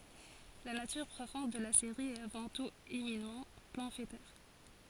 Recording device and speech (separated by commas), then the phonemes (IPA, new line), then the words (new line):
forehead accelerometer, read sentence
la natyʁ pʁofɔ̃d də la seʁi ɛt avɑ̃ tut eminamɑ̃ pɑ̃fletɛʁ
La nature profonde de la série est avant tout éminemment pamphlétaire.